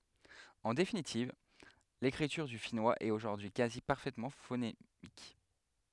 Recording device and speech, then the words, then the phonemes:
headset microphone, read sentence
En définitive, l'écriture du finnois est aujourd'hui quasi parfaitement phonémique.
ɑ̃ definitiv lekʁityʁ dy finwaz ɛt oʒuʁdyi y kazi paʁfɛtmɑ̃ fonemik

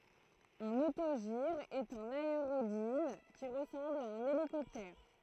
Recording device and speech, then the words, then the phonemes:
throat microphone, read sentence
Un autogire est un aérodyne qui ressemble à un hélicoptère.
œ̃n otoʒiʁ ɛt œ̃n aeʁodin ki ʁəsɑ̃bl a œ̃n elikɔptɛʁ

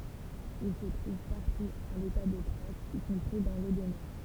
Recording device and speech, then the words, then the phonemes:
temple vibration pickup, read sentence
Il se trouve partout à l'état de traces, y compris dans l'eau de mer.
il sə tʁuv paʁtu a leta də tʁasz i kɔ̃pʁi dɑ̃ lo də mɛʁ

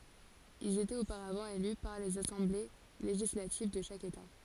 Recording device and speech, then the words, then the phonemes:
forehead accelerometer, read sentence
Ils étaient auparavant élus par les assemblées législatives de chaque État.
ilz etɛt opaʁavɑ̃ ely paʁ lez asɑ̃ble leʒislativ də ʃak eta

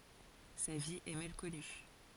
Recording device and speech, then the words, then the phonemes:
forehead accelerometer, read sentence
Sa vie est mal connue.
sa vi ɛ mal kɔny

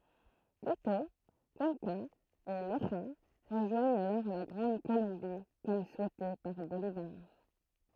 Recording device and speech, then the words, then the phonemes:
throat microphone, read sentence
Quito, Cuenca et Loja rejoignent alors la Grande Colombie comme souhaité par Bolívar.
kito kyɑ̃ka e loʒa ʁəʒwaɲt alɔʁ la ɡʁɑ̃d kolɔ̃bi kɔm suɛte paʁ bolivaʁ

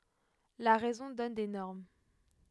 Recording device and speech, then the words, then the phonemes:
headset microphone, read sentence
La raison donne des normes.
la ʁɛzɔ̃ dɔn de nɔʁm

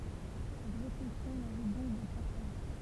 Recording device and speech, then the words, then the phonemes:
temple vibration pickup, read sentence
Cette réflexion mérite donc d'être partagée.
sɛt ʁeflɛksjɔ̃ meʁit dɔ̃k dɛtʁ paʁtaʒe

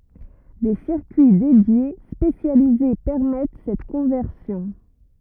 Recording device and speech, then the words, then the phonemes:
rigid in-ear microphone, read sentence
Des circuits dédiés spécialisés permettent cette conversion.
de siʁkyi dedje spesjalize pɛʁmɛt sɛt kɔ̃vɛʁsjɔ̃

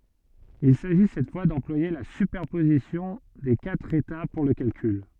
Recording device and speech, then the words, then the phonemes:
soft in-ear microphone, read sentence
Il s'agit cette fois d'employer la superposition des quatre états pour le calcul.
il saʒi sɛt fwa dɑ̃plwaje la sypɛʁpozisjɔ̃ de katʁ eta puʁ lə kalkyl

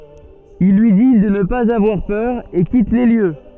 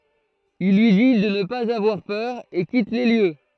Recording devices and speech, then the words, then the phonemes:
soft in-ear microphone, throat microphone, read sentence
Il lui dit de ne pas avoir peur et quitte les lieux.
il lyi di də nə paz avwaʁ pœʁ e kit le ljø

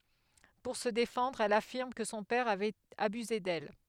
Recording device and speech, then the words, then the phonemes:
headset microphone, read sentence
Pour se défendre elle affirme que son père avait abusé d’elle.
puʁ sə defɑ̃dʁ ɛl afiʁm kə sɔ̃ pɛʁ avɛt abyze dɛl

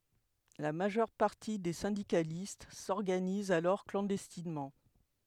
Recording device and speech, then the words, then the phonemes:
headset microphone, read sentence
La majeure partie des syndicalistes s'organisent alors clandestinement.
la maʒœʁ paʁti de sɛ̃dikalist sɔʁɡanizt alɔʁ klɑ̃dɛstinmɑ̃

